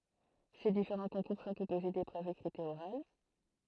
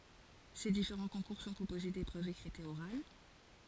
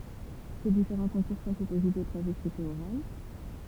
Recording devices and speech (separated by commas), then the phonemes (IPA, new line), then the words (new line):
throat microphone, forehead accelerometer, temple vibration pickup, read sentence
se difeʁɑ̃ kɔ̃kuʁ sɔ̃ kɔ̃poze depʁøvz ekʁitz e oʁal
Ces différents concours sont composés d'épreuves écrites et orales.